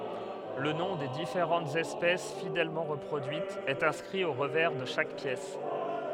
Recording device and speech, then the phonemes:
headset microphone, read sentence
lə nɔ̃ de difeʁɑ̃tz ɛspɛs fidɛlmɑ̃ ʁəpʁodyitz ɛt ɛ̃skʁi o ʁəvɛʁ də ʃak pjɛs

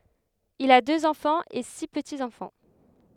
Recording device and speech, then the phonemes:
headset microphone, read sentence
il a døz ɑ̃fɑ̃z e si pətiz ɑ̃fɑ̃

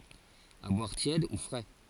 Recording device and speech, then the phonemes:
forehead accelerometer, read sentence
a bwaʁ tjɛd u fʁɛ

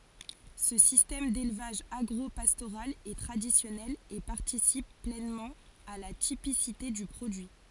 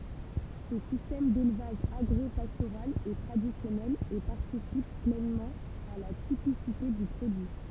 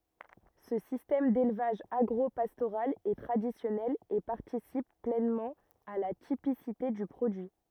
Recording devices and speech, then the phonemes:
forehead accelerometer, temple vibration pickup, rigid in-ear microphone, read sentence
sə sistɛm delvaʒ aɡʁopastoʁal ɛ tʁadisjɔnɛl e paʁtisip plɛnmɑ̃ a la tipisite dy pʁodyi

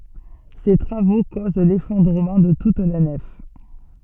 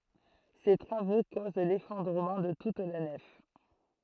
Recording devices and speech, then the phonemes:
soft in-ear microphone, throat microphone, read sentence
se tʁavo koz lefɔ̃dʁəmɑ̃ də tut la nɛf

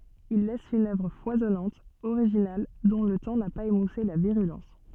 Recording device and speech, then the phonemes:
soft in-ear microphone, read sentence
il lɛs yn œvʁ fwazɔnɑ̃t oʁiʒinal dɔ̃ lə tɑ̃ na paz emuse la viʁylɑ̃s

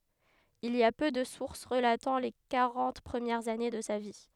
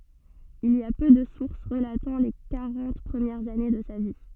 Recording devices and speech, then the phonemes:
headset microphone, soft in-ear microphone, read sentence
il i a pø də suʁs ʁəlatɑ̃ le kaʁɑ̃t pʁəmjɛʁz ane də sa vi

